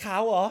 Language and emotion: Thai, happy